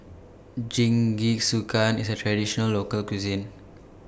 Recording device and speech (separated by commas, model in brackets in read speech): boundary microphone (BM630), read sentence